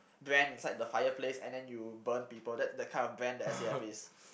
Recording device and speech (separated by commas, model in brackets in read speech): boundary microphone, conversation in the same room